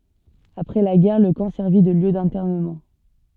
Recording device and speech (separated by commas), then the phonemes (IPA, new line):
soft in-ear microphone, read sentence
apʁɛ la ɡɛʁ lə kɑ̃ sɛʁvi də ljø dɛ̃tɛʁnəmɑ̃